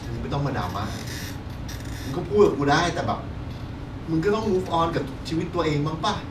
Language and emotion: Thai, frustrated